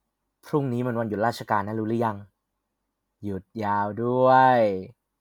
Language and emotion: Thai, happy